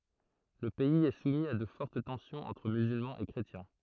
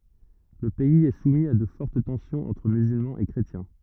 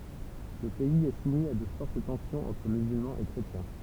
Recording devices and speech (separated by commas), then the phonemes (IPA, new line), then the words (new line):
throat microphone, rigid in-ear microphone, temple vibration pickup, read sentence
lə pɛiz ɛ sumi a də fɔʁt tɑ̃sjɔ̃z ɑ̃tʁ myzylmɑ̃z e kʁetjɛ̃
Le pays est soumis à de fortes tensions entre musulmans et chrétiens.